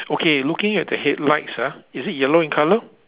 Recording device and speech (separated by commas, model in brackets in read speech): telephone, conversation in separate rooms